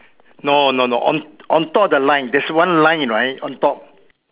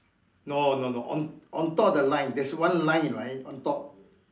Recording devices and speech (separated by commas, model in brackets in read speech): telephone, standing microphone, conversation in separate rooms